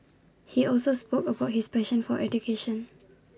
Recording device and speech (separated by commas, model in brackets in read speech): standing microphone (AKG C214), read sentence